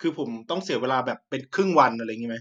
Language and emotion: Thai, frustrated